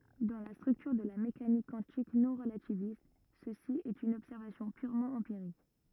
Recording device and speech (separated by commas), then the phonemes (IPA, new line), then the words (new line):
rigid in-ear microphone, read sentence
dɑ̃ la stʁyktyʁ də la mekanik kwɑ̃tik nɔ̃ʁlativist səsi ɛt yn ɔbsɛʁvasjɔ̃ pyʁmɑ̃ ɑ̃piʁik
Dans la structure de la mécanique quantique non-relativiste, ceci est une observation purement empirique.